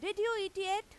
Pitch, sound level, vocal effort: 400 Hz, 97 dB SPL, very loud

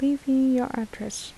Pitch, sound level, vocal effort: 265 Hz, 76 dB SPL, soft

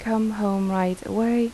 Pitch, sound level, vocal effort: 220 Hz, 82 dB SPL, soft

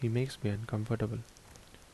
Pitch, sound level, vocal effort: 110 Hz, 70 dB SPL, soft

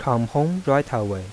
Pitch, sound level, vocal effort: 125 Hz, 86 dB SPL, soft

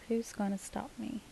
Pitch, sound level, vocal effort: 230 Hz, 73 dB SPL, soft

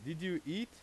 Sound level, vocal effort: 93 dB SPL, very loud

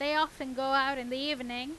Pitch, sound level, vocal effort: 275 Hz, 94 dB SPL, very loud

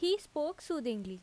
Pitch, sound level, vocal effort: 305 Hz, 86 dB SPL, very loud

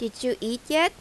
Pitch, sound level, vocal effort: 245 Hz, 86 dB SPL, loud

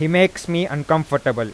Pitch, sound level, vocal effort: 155 Hz, 92 dB SPL, loud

